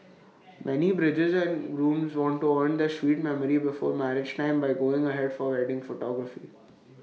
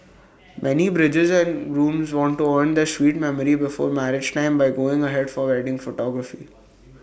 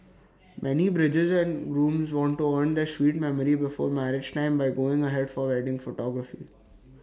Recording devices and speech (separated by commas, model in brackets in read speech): mobile phone (iPhone 6), boundary microphone (BM630), standing microphone (AKG C214), read sentence